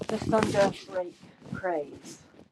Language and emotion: English, happy